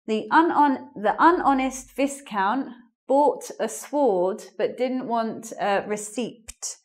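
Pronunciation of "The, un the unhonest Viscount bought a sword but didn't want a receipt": The sentence is deliberately pronounced incorrectly: it says 'unhonest' instead of 'dishonest', 'Viscount' has the wrong vowel, and the silent letter in 'sword' is pronounced.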